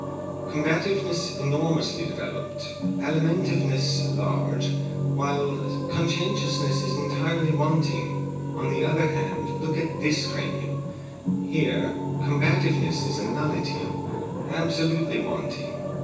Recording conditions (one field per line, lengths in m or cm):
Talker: one person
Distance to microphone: 9.8 m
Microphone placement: far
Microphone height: 1.8 m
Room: large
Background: television